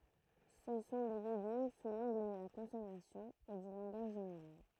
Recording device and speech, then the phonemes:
throat microphone, read sentence
sə sɔ̃ de leɡym su lɑ̃ɡl də la kɔ̃sɔmasjɔ̃ e dy lɑ̃ɡaʒ ʒeneʁal

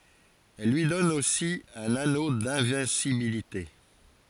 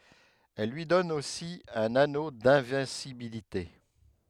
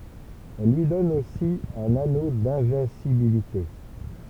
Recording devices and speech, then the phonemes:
forehead accelerometer, headset microphone, temple vibration pickup, read sentence
ɛl lyi dɔn osi œ̃n ano dɛ̃vɛ̃sibilite

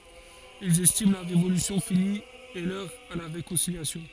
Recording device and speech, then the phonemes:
forehead accelerometer, read sentence
ilz ɛstim la ʁevolysjɔ̃ fini e lœʁ a la ʁekɔ̃siljasjɔ̃

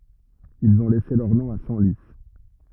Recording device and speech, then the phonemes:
rigid in-ear microphone, read sentence
ilz ɔ̃ lɛse lœʁ nɔ̃ a sɑ̃li

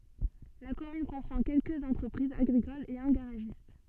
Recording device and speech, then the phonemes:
soft in-ear microphone, read sentence
la kɔmyn kɔ̃pʁɑ̃ kɛlkəz ɑ̃tʁəpʁizz aɡʁikolz e œ̃ ɡaʁaʒist

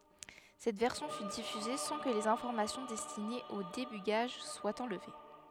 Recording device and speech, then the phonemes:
headset microphone, read sentence
sɛt vɛʁsjɔ̃ fy difyze sɑ̃ kə lez ɛ̃fɔʁmasjɔ̃ dɛstinez o debyɡaʒ swat ɑ̃lve

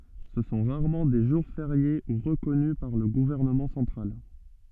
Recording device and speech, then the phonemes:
soft in-ear microphone, read sentence
sə sɔ̃ ʁaʁmɑ̃ de ʒuʁ feʁje u ʁəkɔny paʁ lə ɡuvɛʁnəmɑ̃ sɑ̃tʁal

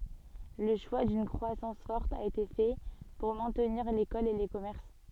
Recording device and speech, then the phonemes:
soft in-ear microphone, read sentence
lə ʃwa dyn kʁwasɑ̃s fɔʁt a ete fɛ puʁ mɛ̃tniʁ lekɔl e le kɔmɛʁs

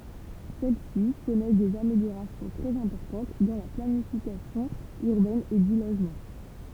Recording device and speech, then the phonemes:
temple vibration pickup, read sentence
sɛl si kɔnɛs dez ameljoʁasjɔ̃ tʁɛz ɛ̃pɔʁtɑ̃t dɑ̃ la planifikasjɔ̃ yʁbɛn e dy loʒmɑ̃

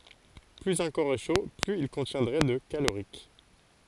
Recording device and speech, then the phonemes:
forehead accelerometer, read sentence
plyz œ̃ kɔʁ ɛ ʃo plyz il kɔ̃tjɛ̃dʁɛ də kaloʁik

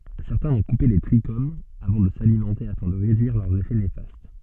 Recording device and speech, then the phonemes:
soft in-ear microphone, read sentence
sɛʁtɛ̃ vɔ̃ kupe le tʁiʃomz avɑ̃ də salimɑ̃te afɛ̃ də ʁedyiʁ lœʁz efɛ nefast

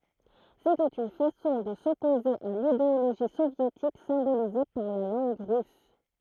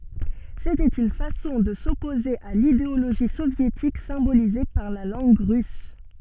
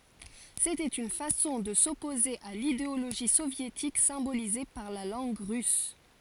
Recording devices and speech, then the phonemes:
throat microphone, soft in-ear microphone, forehead accelerometer, read sentence
setɛt yn fasɔ̃ də sɔpoze a lideoloʒi sovjetik sɛ̃bolize paʁ la lɑ̃ɡ ʁys

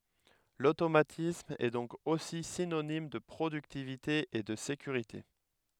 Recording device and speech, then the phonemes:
headset microphone, read sentence
lotomatism ɛ dɔ̃k osi sinonim də pʁodyktivite e də sekyʁite

